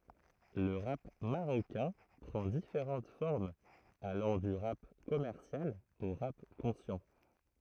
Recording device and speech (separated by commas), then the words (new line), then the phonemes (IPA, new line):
throat microphone, read sentence
Le rap marocain prend différentes formes allant du rap commercial au rap conscient.
lə ʁap maʁokɛ̃ pʁɑ̃ difeʁɑ̃t fɔʁmz alɑ̃ dy ʁap kɔmɛʁsjal o ʁap kɔ̃sjɑ̃